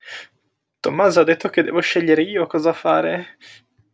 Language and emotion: Italian, fearful